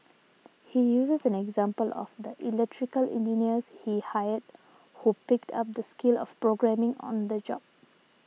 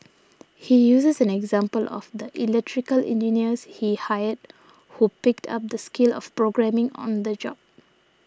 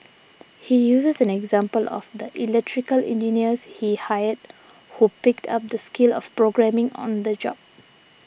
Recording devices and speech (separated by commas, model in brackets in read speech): mobile phone (iPhone 6), standing microphone (AKG C214), boundary microphone (BM630), read sentence